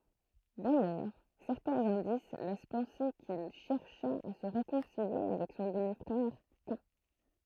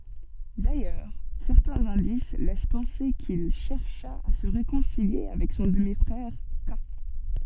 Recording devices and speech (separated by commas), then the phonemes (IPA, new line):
throat microphone, soft in-ear microphone, read sentence
dajœʁ sɛʁtɛ̃z ɛ̃dis lɛs pɑ̃se kil ʃɛʁʃa a sə ʁekɔ̃silje avɛk sɔ̃ dəmi fʁɛʁ ka